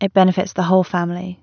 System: none